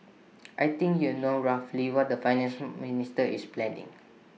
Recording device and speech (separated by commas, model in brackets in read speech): mobile phone (iPhone 6), read sentence